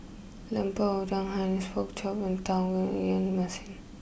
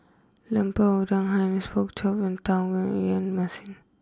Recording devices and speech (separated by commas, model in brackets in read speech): boundary microphone (BM630), close-talking microphone (WH20), read sentence